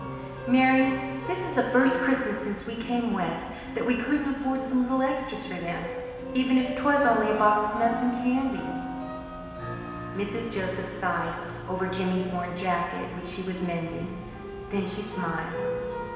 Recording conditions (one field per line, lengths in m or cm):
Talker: one person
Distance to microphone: 1.7 m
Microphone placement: close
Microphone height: 1.0 m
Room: very reverberant, large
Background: music